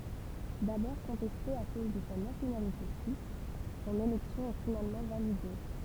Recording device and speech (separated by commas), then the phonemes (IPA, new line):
temple vibration pickup, read sentence
dabɔʁ kɔ̃tɛste a koz də sa nasjonalite syis sɔ̃n elɛksjɔ̃ ɛ finalmɑ̃ valide